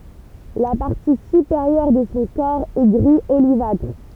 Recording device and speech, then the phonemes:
temple vibration pickup, read sentence
la paʁti sypeʁjœʁ də sɔ̃ kɔʁ ɛ ɡʁi olivatʁ

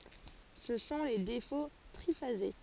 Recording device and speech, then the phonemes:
forehead accelerometer, read sentence
sə sɔ̃ le defo tʁifaze

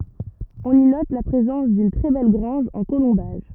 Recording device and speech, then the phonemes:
rigid in-ear microphone, read sentence
ɔ̃n i nɔt la pʁezɑ̃s dyn tʁɛ bɛl ɡʁɑ̃ʒ ɑ̃ kolɔ̃baʒ

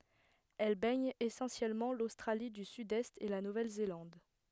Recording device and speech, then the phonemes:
headset microphone, read sentence
ɛl bɛɲ esɑ̃sjɛlmɑ̃ lostʁali dy sydɛst e la nuvɛl zelɑ̃d

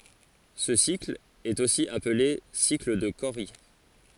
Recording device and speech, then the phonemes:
forehead accelerometer, read sentence
sə sikl ɛt osi aple sikl də koʁi

